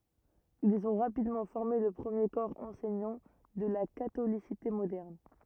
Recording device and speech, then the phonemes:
rigid in-ear microphone, read sentence
ilz ɔ̃ ʁapidmɑ̃ fɔʁme lə pʁəmje kɔʁ ɑ̃sɛɲɑ̃ də la katolisite modɛʁn

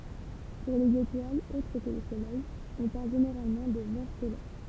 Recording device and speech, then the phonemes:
temple vibration pickup, read sentence
puʁ lez etwalz otʁ kə lə solɛj ɔ̃ paʁl ʒeneʁalmɑ̃ də vɑ̃ stɛlɛʁ

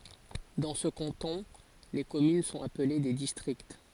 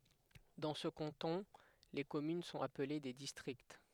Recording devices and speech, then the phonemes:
forehead accelerometer, headset microphone, read sentence
dɑ̃ sə kɑ̃tɔ̃ le kɔmyn sɔ̃t aple de distʁikt

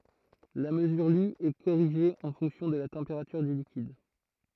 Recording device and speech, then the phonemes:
throat microphone, read sentence
la məzyʁ ly ɛ koʁiʒe ɑ̃ fɔ̃ksjɔ̃ də la tɑ̃peʁatyʁ dy likid

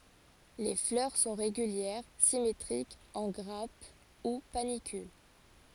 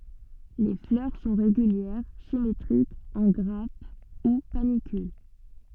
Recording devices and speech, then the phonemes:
forehead accelerometer, soft in-ear microphone, read sentence
le flœʁ sɔ̃ ʁeɡyljɛʁ simetʁikz ɑ̃ ɡʁap u panikyl

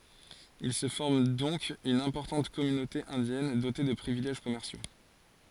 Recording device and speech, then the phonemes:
forehead accelerometer, read sentence
il sə fɔʁm dɔ̃k yn ɛ̃pɔʁtɑ̃t kɔmynote ɛ̃djɛn dote də pʁivilɛʒ kɔmɛʁsjo

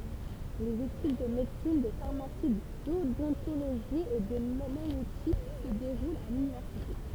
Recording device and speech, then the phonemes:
temple vibration pickup, read sentence
lez etyd də medəsin də faʁmasi dodɔ̃toloʒi e də majøtik sə deʁult a lynivɛʁsite

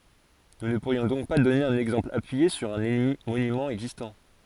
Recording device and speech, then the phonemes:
forehead accelerometer, read sentence
nu nə puʁjɔ̃ dɔ̃k dɔne œ̃n ɛɡzɑ̃pl apyije syʁ œ̃ monymɑ̃ ɛɡzistɑ̃

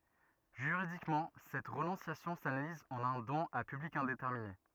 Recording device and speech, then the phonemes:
rigid in-ear microphone, read sentence
ʒyʁidikmɑ̃ sɛt ʁənɔ̃sjasjɔ̃ sanaliz ɑ̃n œ̃ dɔ̃n a pyblik ɛ̃detɛʁmine

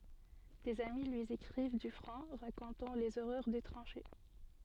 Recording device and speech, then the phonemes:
soft in-ear microphone, read sentence
dez ami lyi ekʁiv dy fʁɔ̃ ʁakɔ̃tɑ̃ lez oʁœʁ de tʁɑ̃ʃe

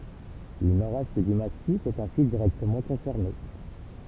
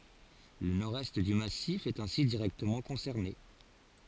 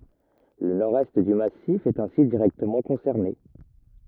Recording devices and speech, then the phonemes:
temple vibration pickup, forehead accelerometer, rigid in-ear microphone, read sentence
lə nɔʁdɛst dy masif ɛt ɛ̃si diʁɛktəmɑ̃ kɔ̃sɛʁne

